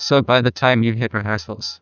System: TTS, neural waveform model